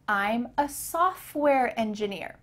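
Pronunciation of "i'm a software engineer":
In 'software', the t in the middle is cut out, so the f and the w sound right beside each other.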